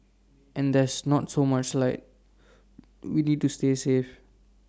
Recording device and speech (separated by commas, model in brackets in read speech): standing microphone (AKG C214), read sentence